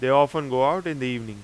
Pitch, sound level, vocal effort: 130 Hz, 95 dB SPL, loud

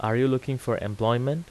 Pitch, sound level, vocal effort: 125 Hz, 86 dB SPL, normal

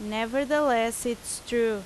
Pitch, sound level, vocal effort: 230 Hz, 88 dB SPL, very loud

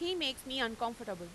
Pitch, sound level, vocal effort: 235 Hz, 93 dB SPL, loud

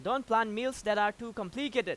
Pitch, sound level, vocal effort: 230 Hz, 97 dB SPL, very loud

